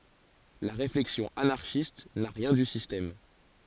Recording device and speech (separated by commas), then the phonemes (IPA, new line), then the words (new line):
forehead accelerometer, read sentence
la ʁeflɛksjɔ̃ anaʁʃist na ʁjɛ̃ dy sistɛm
La réflexion anarchiste n'a rien du système.